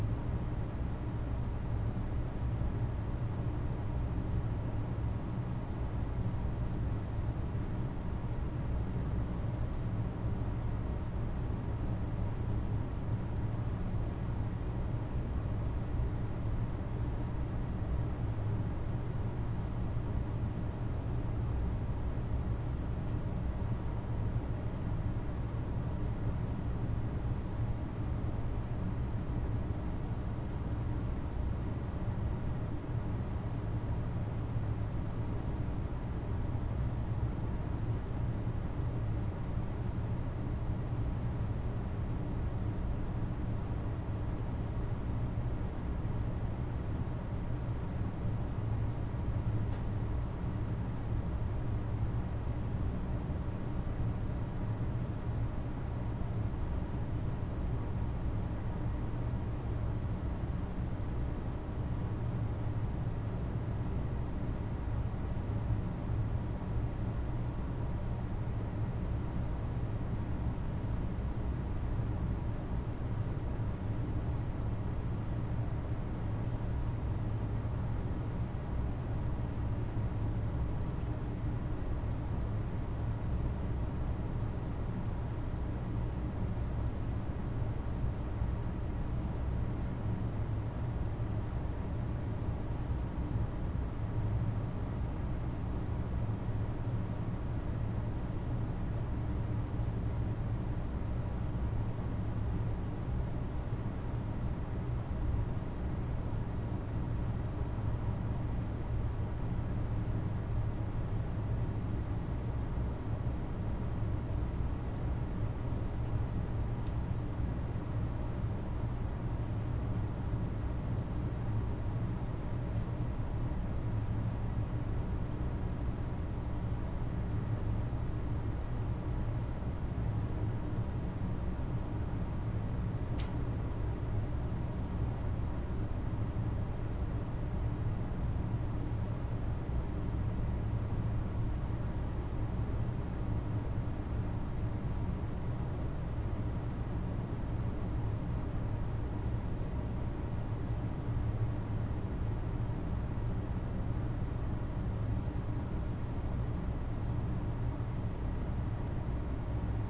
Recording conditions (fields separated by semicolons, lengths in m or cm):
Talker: no one; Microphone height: 64 cm; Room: medium-sized (5.7 m by 4.0 m); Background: none